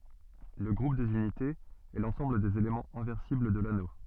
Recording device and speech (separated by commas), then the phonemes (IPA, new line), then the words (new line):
soft in-ear microphone, read sentence
lə ɡʁup dez ynitez ɛ lɑ̃sɑ̃bl dez elemɑ̃z ɛ̃vɛʁsibl də lano
Le groupe des unités, est l'ensemble des éléments inversibles de l'anneau.